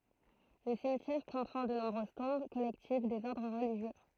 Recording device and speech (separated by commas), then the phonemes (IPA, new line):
throat microphone, read sentence
lə simtjɛʁ kɔ̃pʁɑ̃ də nɔ̃bʁøz tɔ̃b kɔlɛktiv dez ɔʁdʁ ʁəliʒjø